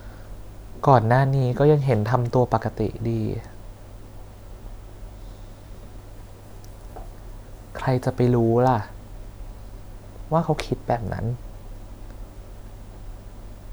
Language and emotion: Thai, sad